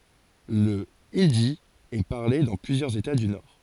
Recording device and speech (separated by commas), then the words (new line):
forehead accelerometer, read sentence
Le hindi est parlé dans plusieurs États du Nord.